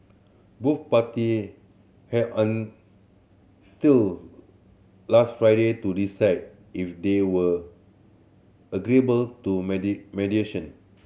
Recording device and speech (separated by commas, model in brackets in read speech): mobile phone (Samsung C7100), read sentence